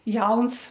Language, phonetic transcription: Lithuanian, ˈjauns

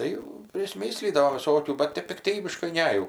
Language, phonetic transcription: Lithuanian, ˈtai prisˈmi slydavom viˈsokių bat ˈtep pikˈtybiškai ˈne jau

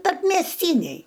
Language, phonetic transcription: Lithuanian, tarpmiesˈtyniai

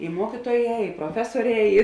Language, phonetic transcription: Lithuanian, i ˈmuokytuoˌjē i proˈfesuoˌrē ˈi

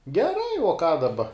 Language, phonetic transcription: Lithuanian, geˈrai uo ką daˈba

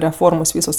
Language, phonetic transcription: Lithuanian, reˈformos ˈvysos

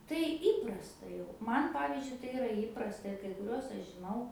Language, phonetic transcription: Lithuanian, tai ˈįprasta jau ˈman ˈpavyzdžiui tai iˈra ˈįprasta ir kai kuˈriuos ˈaš žiˈnau

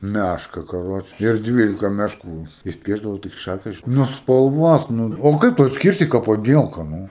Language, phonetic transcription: Lithuanian, ˈmæška kaˈroče ir ˈdvylika mešˈkų jis jis ˈpiešdavo tai k ˈšakės nu spalˈvuos nu o ˈkaip tu atsˈkirsi ka paˈdielka ˈnū

